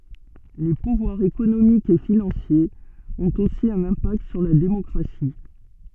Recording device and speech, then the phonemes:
soft in-ear microphone, read sentence
le puvwaʁz ekonomikz e finɑ̃sjez ɔ̃t osi œ̃n ɛ̃pakt syʁ la demɔkʁasi

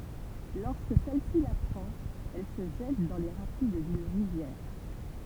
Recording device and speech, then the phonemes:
temple vibration pickup, read sentence
lɔʁskə sɛl si lapʁɑ̃t ɛl sə ʒɛt dɑ̃ le ʁapid dyn ʁivjɛʁ

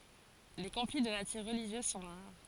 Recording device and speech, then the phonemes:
forehead accelerometer, read sentence
le kɔ̃fli də natyʁ ʁəliʒjøz sɔ̃ ʁaʁ

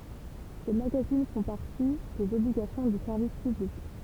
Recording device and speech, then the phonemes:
temple vibration pickup, read sentence
se maɡazin fɔ̃ paʁti dez ɔbliɡasjɔ̃ dy sɛʁvis pyblik

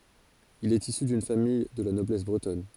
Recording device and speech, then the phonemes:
forehead accelerometer, read sentence
il ɛt isy dyn famij də la nɔblɛs bʁətɔn

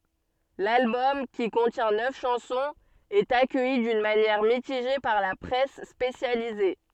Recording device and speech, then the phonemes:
soft in-ear microphone, read sentence
lalbɔm ki kɔ̃tjɛ̃ nœf ʃɑ̃sɔ̃z ɛt akœji dyn manjɛʁ mitiʒe paʁ la pʁɛs spesjalize

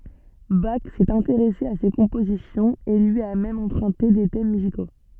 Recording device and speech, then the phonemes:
soft in-ear microphone, read sentence
bak sɛt ɛ̃teʁɛse a se kɔ̃pozisjɔ̃z e lyi a mɛm ɑ̃pʁœ̃te de tɛm myziko

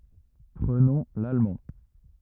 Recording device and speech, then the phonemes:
rigid in-ear microphone, read sentence
pʁənɔ̃ lalmɑ̃

